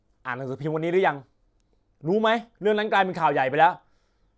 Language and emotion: Thai, frustrated